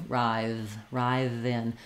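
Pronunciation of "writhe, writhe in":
In 'writhe', the th sound at the end continues instead of stopping the air like a d sound.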